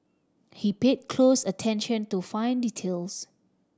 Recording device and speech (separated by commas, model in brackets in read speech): standing microphone (AKG C214), read sentence